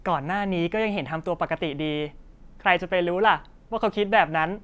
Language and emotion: Thai, happy